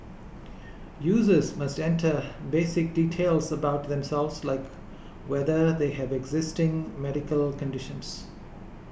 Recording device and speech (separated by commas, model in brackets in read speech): boundary microphone (BM630), read sentence